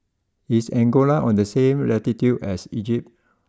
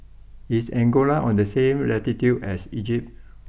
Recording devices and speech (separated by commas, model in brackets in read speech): close-talking microphone (WH20), boundary microphone (BM630), read sentence